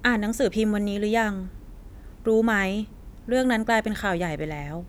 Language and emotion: Thai, neutral